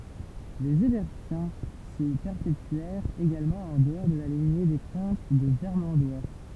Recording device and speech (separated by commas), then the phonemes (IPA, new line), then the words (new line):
temple vibration pickup, read sentence
lez ɛʁbɛʁtjɛ̃ sə pɛʁpetyɛʁt eɡalmɑ̃ ɑ̃ dəɔʁ də la liɲe de kɔ̃t də vɛʁmɑ̃dwa
Les Herbertiens se perpétuèrent également en dehors de la lignée des comtes de Vermandois.